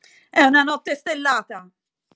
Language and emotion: Italian, angry